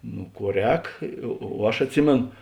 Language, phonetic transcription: Lithuanian, nu ˈkuo ˈrēk o o ˈaš atˈsimėn

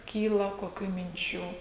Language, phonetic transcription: Lithuanian, ˈkyla koˈkių minˈčių

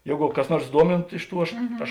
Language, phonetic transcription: Lithuanian, ˈjėgu kas ˈnuors ˈduomintu ˈiš ˌtų ˈaš ˈaš

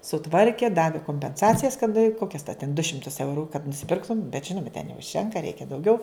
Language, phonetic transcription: Lithuanian, suˈtvarkė ˈdavi kompenˈsacijas kad ˈkokias ten du ˈšimtus ˈeuru kad nusiˈpirktum bet ˈžinuma ten neužˈtenka ˈreikia dauˈgiau

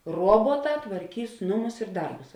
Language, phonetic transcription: Lithuanian, ˈruobuoˌtā tvarˈkys ˈnuˌmus ir ˈdarbus

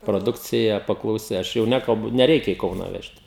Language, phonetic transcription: Lithuanian, proˈdukcija paklauˈsi ˈaš jau ˈnekalbu neˈreikia į ˈkauną ˈvežt

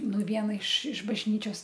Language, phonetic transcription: Lithuanian, ˈnu ˈviena iš iš bažˈnyčios

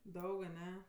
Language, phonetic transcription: Lithuanian, ˈdaug aˈne

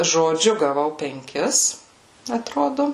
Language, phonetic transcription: Lithuanian, žoˈdžiu gaˈvau penˈkis atˈrodo

